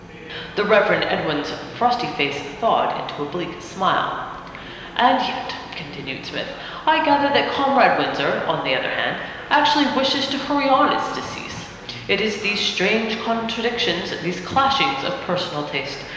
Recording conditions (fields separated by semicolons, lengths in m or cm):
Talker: one person; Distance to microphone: 1.7 m; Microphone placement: close; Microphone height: 1.0 m; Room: very reverberant, large; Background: babble